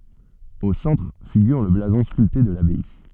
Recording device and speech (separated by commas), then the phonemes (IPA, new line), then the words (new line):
soft in-ear microphone, read sentence
o sɑ̃tʁ fiɡyʁ lə blazɔ̃ skylte də labaj
Au centre figure le blason sculpté de l'abbaye.